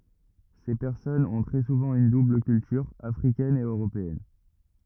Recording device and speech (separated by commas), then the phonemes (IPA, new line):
rigid in-ear microphone, read sentence
se pɛʁsɔnz ɔ̃ tʁɛ suvɑ̃ yn dubl kyltyʁ afʁikɛn e øʁopeɛn